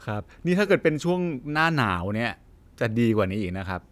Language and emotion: Thai, neutral